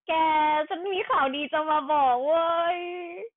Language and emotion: Thai, happy